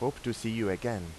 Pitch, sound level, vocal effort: 115 Hz, 87 dB SPL, normal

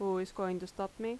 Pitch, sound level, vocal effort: 195 Hz, 83 dB SPL, normal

